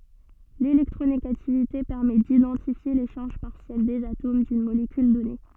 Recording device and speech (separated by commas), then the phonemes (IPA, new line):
soft in-ear microphone, read sentence
lelɛktʁoneɡativite pɛʁmɛ didɑ̃tifje le ʃaʁʒ paʁsjɛl dez atom dyn molekyl dɔne